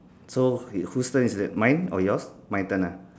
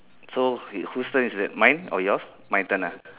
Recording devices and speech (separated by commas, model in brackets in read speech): standing microphone, telephone, conversation in separate rooms